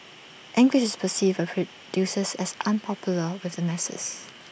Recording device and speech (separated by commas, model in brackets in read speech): boundary microphone (BM630), read sentence